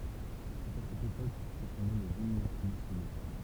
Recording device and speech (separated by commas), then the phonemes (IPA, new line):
temple vibration pickup, read sentence
sɛt a sɛt epok kə sɔ̃ ne lez imn nasjono